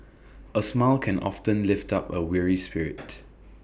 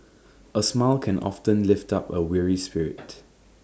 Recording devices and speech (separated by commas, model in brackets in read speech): boundary microphone (BM630), standing microphone (AKG C214), read sentence